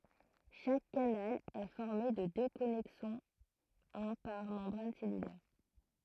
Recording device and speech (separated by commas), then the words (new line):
throat microphone, read sentence
Chaque canal est formé de deux connexons, un par membrane cellulaire.